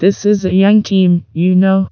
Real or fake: fake